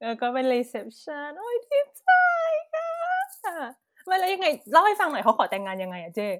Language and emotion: Thai, happy